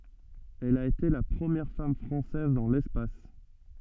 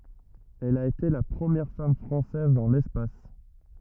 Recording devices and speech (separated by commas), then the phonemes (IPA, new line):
soft in-ear microphone, rigid in-ear microphone, read sentence
ɛl a ete la pʁəmjɛʁ fam fʁɑ̃sɛz dɑ̃ lɛspas